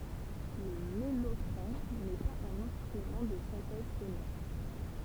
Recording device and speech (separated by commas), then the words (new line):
temple vibration pickup, read sentence
Le mellotron n’est pas un instrument de synthèse sonore.